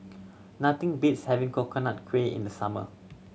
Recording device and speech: mobile phone (Samsung C7100), read sentence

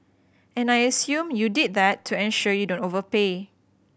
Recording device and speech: boundary microphone (BM630), read sentence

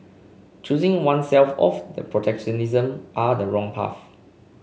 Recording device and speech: mobile phone (Samsung C5), read sentence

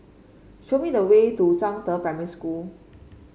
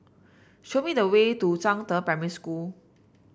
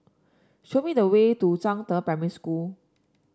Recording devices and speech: mobile phone (Samsung C5), boundary microphone (BM630), standing microphone (AKG C214), read sentence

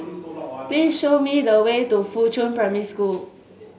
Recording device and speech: mobile phone (Samsung S8), read sentence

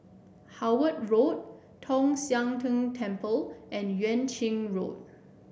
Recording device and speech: boundary microphone (BM630), read sentence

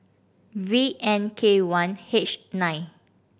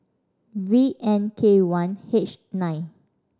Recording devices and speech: boundary microphone (BM630), standing microphone (AKG C214), read sentence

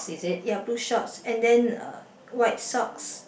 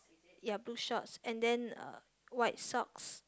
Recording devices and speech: boundary microphone, close-talking microphone, conversation in the same room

